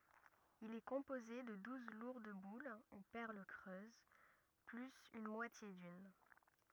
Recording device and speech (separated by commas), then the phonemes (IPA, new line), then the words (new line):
rigid in-ear microphone, read sentence
il ɛ kɔ̃poze də duz luʁd bul u pɛʁl kʁøz plyz yn mwatje dyn
Il est composé de douze lourdes boules ou perles creuses, plus une moitié d'une.